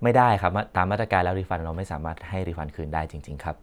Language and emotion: Thai, neutral